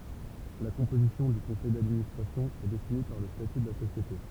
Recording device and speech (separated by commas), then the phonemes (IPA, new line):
temple vibration pickup, read sentence
la kɔ̃pozisjɔ̃ dy kɔ̃sɛj dadministʁasjɔ̃ ɛ defini paʁ lə staty də la sosjete